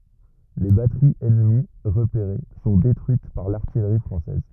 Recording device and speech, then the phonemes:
rigid in-ear microphone, read sentence
le batəʁiz ɛnəmi ʁəpeʁe sɔ̃ detʁyit paʁ laʁtijʁi fʁɑ̃sɛz

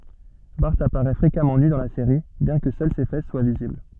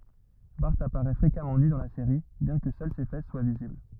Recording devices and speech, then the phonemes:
soft in-ear microphone, rigid in-ear microphone, read sentence
baʁ apaʁɛ fʁekamɑ̃ ny dɑ̃ la seʁi bjɛ̃ kə sœl se fɛs swa vizibl

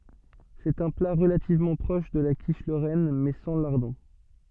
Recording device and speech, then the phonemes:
soft in-ear microphone, read sentence
sɛt œ̃ pla ʁəlativmɑ̃ pʁɔʃ də la kiʃ loʁɛn mɛ sɑ̃ laʁdɔ̃

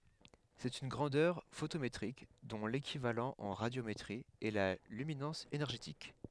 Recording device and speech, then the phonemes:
headset microphone, read sentence
sɛt yn ɡʁɑ̃dœʁ fotometʁik dɔ̃ lekivalɑ̃ ɑ̃ ʁadjometʁi ɛ la lyminɑ̃s enɛʁʒetik

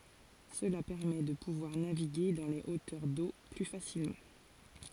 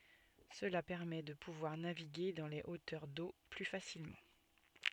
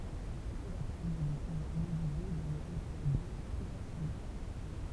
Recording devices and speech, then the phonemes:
forehead accelerometer, soft in-ear microphone, temple vibration pickup, read sentence
səla pɛʁmɛ də puvwaʁ naviɡe dɑ̃ le otœʁ do ply fasilmɑ̃

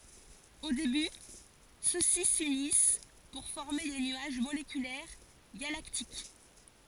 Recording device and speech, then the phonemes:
forehead accelerometer, read sentence
o deby sø si synis puʁ fɔʁme de nyaʒ molekylɛʁ ɡalaktik

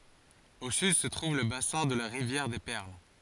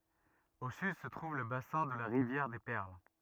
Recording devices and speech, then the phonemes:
forehead accelerometer, rigid in-ear microphone, read sentence
o syd sə tʁuv lə basɛ̃ də la ʁivjɛʁ de pɛʁl

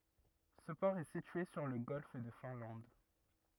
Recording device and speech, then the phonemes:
rigid in-ear microphone, read sentence
sə pɔʁ ɛ sitye syʁ lə ɡɔlf də fɛ̃lɑ̃d

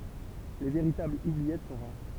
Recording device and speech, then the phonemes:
temple vibration pickup, read sentence
le veʁitablz ubliɛt sɔ̃ ʁaʁ

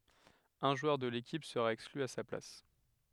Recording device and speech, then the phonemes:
headset microphone, read sentence
œ̃ ʒwœʁ də lekip səʁa ɛkskly a sa plas

